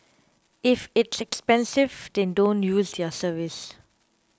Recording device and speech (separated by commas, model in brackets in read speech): close-talking microphone (WH20), read sentence